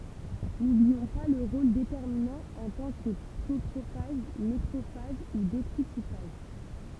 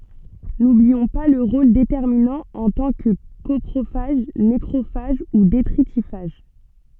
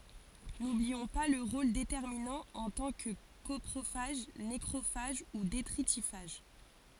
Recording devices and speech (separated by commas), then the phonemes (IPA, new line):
temple vibration pickup, soft in-ear microphone, forehead accelerometer, read sentence
nubliɔ̃ pa lœʁ ʁol detɛʁminɑ̃ ɑ̃ tɑ̃ kə kɔpʁofaʒ nekʁofaʒ u detʁitifaʒ